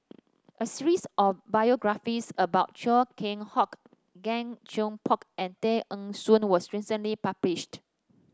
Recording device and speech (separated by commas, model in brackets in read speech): standing microphone (AKG C214), read sentence